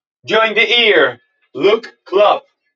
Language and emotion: English, happy